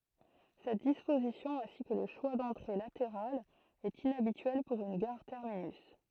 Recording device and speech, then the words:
throat microphone, read sentence
Cette disposition, ainsi que le choix d'entrées latérales, est inhabituelle pour une gare terminus.

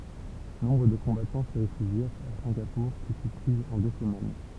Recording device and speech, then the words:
temple vibration pickup, read sentence
Nombre de combattants se réfugièrent à Singapour qui fut prise en deux semaines.

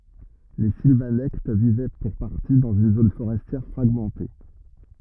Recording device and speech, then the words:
rigid in-ear microphone, read sentence
Les Silvanectes vivaient pour partie dans une zone forestière fragmentée.

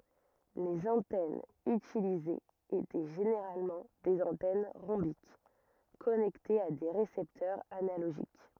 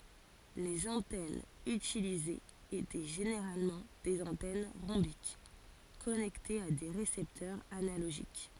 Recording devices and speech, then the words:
rigid in-ear microphone, forehead accelerometer, read sentence
Les antennes utilisées étaient généralement des antennes rhombiques, connectées à des récepteurs analogiques.

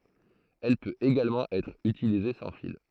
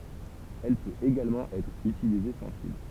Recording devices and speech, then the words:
throat microphone, temple vibration pickup, read sentence
Elle peut également être utilisée sans fil.

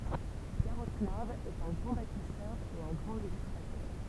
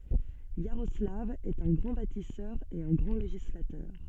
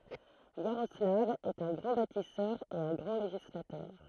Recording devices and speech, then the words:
temple vibration pickup, soft in-ear microphone, throat microphone, read sentence
Iaroslav est un grand bâtisseur et un grand législateur.

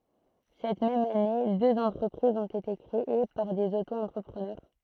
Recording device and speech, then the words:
throat microphone, read sentence
Cette même année, deux entreprises ont été créées par des auto-entrepreneurs.

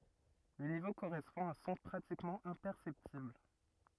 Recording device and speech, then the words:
rigid in-ear microphone, read sentence
Le niveau correspond à un son pratiquement imperceptible.

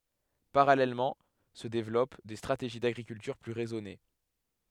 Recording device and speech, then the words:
headset microphone, read sentence
Parallèlement se développent des stratégies d'agriculture plus raisonnée.

